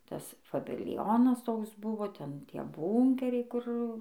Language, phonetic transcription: Lithuanian, ˈtas fabilˈjonas ˈtoks ˈbuvo ˈten ˈtie ˈbūnkeriai ˈkur

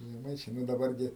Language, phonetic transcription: Lithuanian, žeˈmaičiai ˈnu daˈbar gi

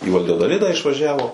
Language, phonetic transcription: Lithuanian, į valjadoˈlidą išvaˈžiavo

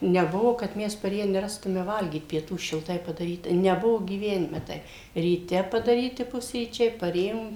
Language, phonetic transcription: Lithuanian, neˈbuvo kad ˈmes paˈrėję neˈrastume ˈvalgyt pieˈtų šilˈtai padaˈryta neˈbuvo gyˈvenime ˈtaip ryˈte padaˈryti ˈpusryčiai paˈrėjom

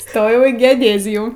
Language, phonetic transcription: Lithuanian, ˈstojau į geoˈdėzijų

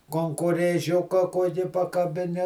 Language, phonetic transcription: Lithuanian, konkorėˈžiuka ˈkuoki pakabiˈni

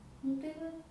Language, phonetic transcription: Lithuanian, ˈnu tai ˈva

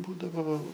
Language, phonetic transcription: Lithuanian, ˈbūdavo

